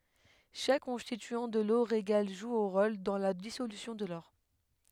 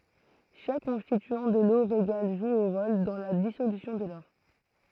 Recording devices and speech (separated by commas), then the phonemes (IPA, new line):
headset microphone, throat microphone, read sentence
ʃak kɔ̃stityɑ̃ də lo ʁeɡal ʒu œ̃ ʁol dɑ̃ la disolysjɔ̃ də lɔʁ